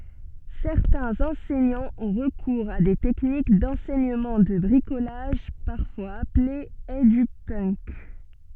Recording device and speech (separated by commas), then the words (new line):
soft in-ear microphone, read sentence
Certains enseignants ont recours à des techniques d'enseignement de bricolage, parfois appelé Edupunk.